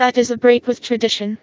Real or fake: fake